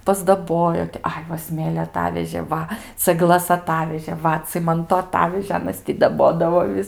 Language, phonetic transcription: Lithuanian, pasdaˈbojo ti ˈai va ˈsmėlio aˈtavežė ˈva cagˈlas aˈtavežė ˈva ˈcimanto aˈtavežė ˈanas ti daˈbodavo ˈvis

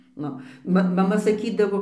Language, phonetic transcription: Lithuanian, ˈnu ˈma maˈma saˈkydavo

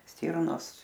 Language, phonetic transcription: Lithuanian, ˈstyrnos

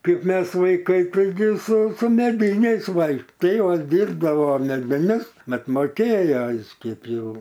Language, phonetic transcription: Lithuanian, ˈkaip ˈmes vaiˈkai taiˈgi su su meˈdyniais ˈvaikš ˈtėvas ˈdyrbdavo medviˈnius ˈmat moˈkėjo jis ˈkeip ˈjau

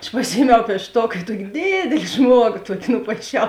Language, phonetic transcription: Lithuanian, aš paˈsijiemiau piešˈtok i ˈtuoki ˈdėdėli ˈžmuogo ˈtuoki nupaiˈšiau

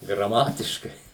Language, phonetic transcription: Lithuanian, graˈmatiškai

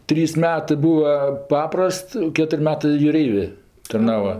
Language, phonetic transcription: Lithuanian, ˈtrys ˈmetɜ ˈbūva ˈpaprast ˈketuri ˈmetɜ juˈreivė tarˈnavo

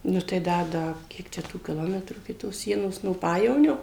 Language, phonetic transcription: Lithuanian, ˈnu tai ˈda ˈda ˈkiek čia tų kiˈlometrų iki tos ˈsienos no ˈpajevonio

